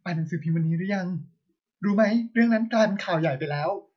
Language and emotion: Thai, sad